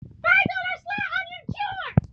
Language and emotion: English, fearful